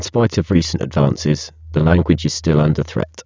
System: VC, spectral filtering